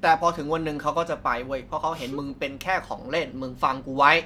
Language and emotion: Thai, frustrated